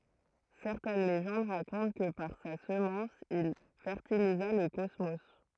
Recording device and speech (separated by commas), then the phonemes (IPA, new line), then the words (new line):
throat microphone, read sentence
sɛʁtɛn leʒɑ̃d ʁakɔ̃t kə paʁ sa səmɑ̃s il fɛʁtiliza lə kɔsmo
Certaines légendes racontent que par sa semence, il fertilisa le cosmos.